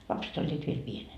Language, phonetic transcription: Finnish, 'lapset ‿oĺĺiit viel 'pienen .
- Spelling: lapset olivat vielä pienenä

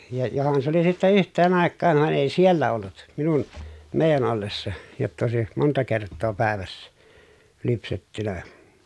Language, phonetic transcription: Finnish, ja johan s ‿oli sitte yht̆teen àekkaav van èi siellä ollut , minun , mèi̮jän ‿ollessa , jotta òesi , monta kerttoo pä̀evässä , lypsettynä .
- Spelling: ja johan se oli sitten yhteen aikaan vaan ei siellä ollut minun meidän ollessa jotta olisi monta kertaa päivässä lypsetty

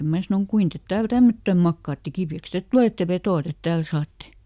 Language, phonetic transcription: Finnish, ˈmää sanoŋ » ˈkuin tet ˈtääl "tämmöttöm ˈmakkaatte ˈkipi₍äks "tet tᵘlètte ˈveto₍a ˈtet ˈtääl saatte ! »
- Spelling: minä sanoin kuinka te täällä tämmöttöön makaatte kipeäksi te tulette vetoa te täällä saatte

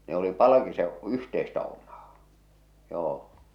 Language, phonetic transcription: Finnish, ne ‿oli 'palakise’ , 'yhteistä om̀aa , 'joo .
- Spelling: ne oli palkisen yhteistä omaa joo

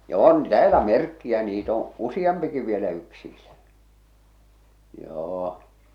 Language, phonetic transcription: Finnish, ja "on 'täälä "merkki₍ä niit ‿oo̰ , 'usiʲampiki vielä yksiilä , 'joo .
- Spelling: ja on täällä merkkejä niitä on useampikin vielä yksillä joo

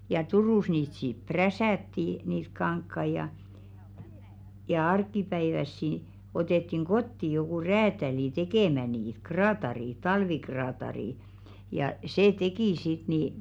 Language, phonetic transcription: Finnish, ja "Turùs 'niit siᵖ "präsä̀tti niit 'kaŋkkai ja , ja 'ark̆kipäivässi , otettiŋ "ɢotti jokù 'räätälì "tekèmä niit "kraatarì , "talvikraatarì , ja "see 'tekì sit ni ,.
- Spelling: ja Turussa niitä sitten prässättiin niitä kankaita ja ja arkipäiväisiä otettiin kotiin joku räätäli tekemään niitä kraatari talvikraatari ja se teki sitten niin

